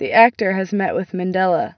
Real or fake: real